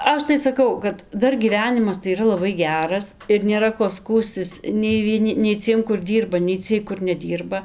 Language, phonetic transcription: Lithuanian, ˈaš tai saˈkau kad ˈdar gyˈvenimas tai yˈra laˈbai ˈgeras ir nėˈra ko ˈskųstis nei vieˈni nei ˈciem kur ˈdyrba nei ˈciej kur neˈdyrba

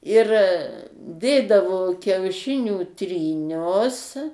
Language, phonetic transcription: Lithuanian, ir ˈdėdavo kiauˈšinių tryˈnius

